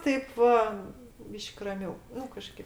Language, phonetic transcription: Lithuanian, ˈtaip va ˈbyš'k' raˈmiau ˈnu kaˈžkėp

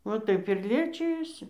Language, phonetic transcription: Lithuanian, va ˈtaip ir ˈliečijosi

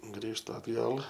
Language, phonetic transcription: Lithuanian, ˈgrįžtu atˈgal

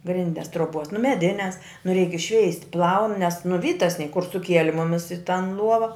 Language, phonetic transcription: Lithuanian, ˈgrindes troˈbos nu meˈdines nu reik išˈšveist' plaun nes nu ˈvytas nie kur suˈkieli ˈmumis i tan ˈluova

